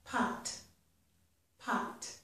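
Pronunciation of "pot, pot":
In both sayings of 'pot', the final t is pronounced completely rather than stopped short.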